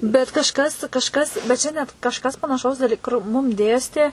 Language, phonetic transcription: Lithuanian, bet kažˈkas kažˈkas bet ˈčia net kažˈkas panaˈšaus daˈly kur ˈmum ˈdėstė

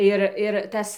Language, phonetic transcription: Lithuanian, ˈir ir ˈtas

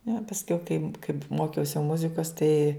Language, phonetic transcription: Lithuanian, ne pasˈkiau kaip kaip ˈmokiausi ˈmuzikos tai

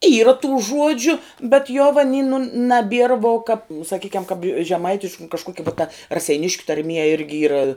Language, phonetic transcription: Lithuanian, yra tų ˈžuodžiu bet jo va ni nu naˈbier vo kap saˈkykiam kap žeˈmaitišk nu kažˈkokia vo ta raseiˈniškiu tarˈmie ˈirgi ˈyra

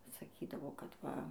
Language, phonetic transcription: Lithuanian, saˈkydavo kad ˈva

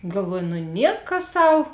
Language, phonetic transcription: Lithuanian, galˈvuoju nu ˈnieka ˈsau

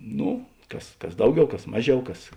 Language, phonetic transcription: Lithuanian, ˈno ˈkas ˈkas ˈdauˌgiau ˈkas ˈmaˌžiau ˈkas

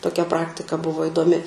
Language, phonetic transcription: Lithuanian, toˈkia ˈpraktika ˈbuvo idoˈmi

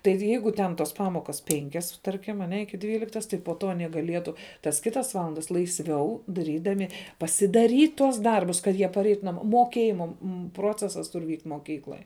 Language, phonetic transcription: Lithuanian, ˈtai ˈjeigu ten ˈtos ˈpamokas ˈpenkias ˈtarkim aˈne ˈiki ˈdvyliktas tai po ˈto aˈnie gaˈlietu tas ˈkitas ˈvalandas laisˈviau daˈrydami pasidaˈryt tuos ˈdarbus kad ˈjie paˈreitu naˈmo moˈkėjima m ˈprocesas ˈtur vykt' moˈkykloj

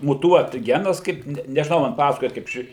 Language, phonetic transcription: Lithuanian, muˈtuot ˈgenas ˈkaip ne nežiˈnau man ˈpasakoja kaip ˈši

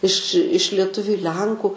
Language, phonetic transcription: Lithuanian, iš iš lieˈtuviu i ˈlenku

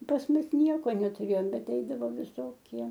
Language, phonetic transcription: Lithuanian, pas ˈmus ˈnieko netuˈrėjom ˈbet ˈeidavo viˈsokie

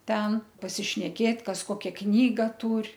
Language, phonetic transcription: Lithuanian, ˈten pasišneˈkėt ˈkas ˈkokia ˈknyga ˈtūr'

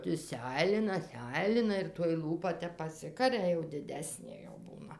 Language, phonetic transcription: Lithuanian, ˈti ˈseilina ˈseilina ir toj ˈlūpa ˈtep paˈsikaria jau diˈdesnė jau ˈbūna

